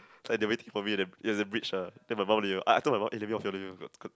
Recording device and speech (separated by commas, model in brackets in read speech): close-talking microphone, conversation in the same room